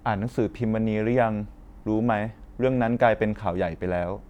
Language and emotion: Thai, neutral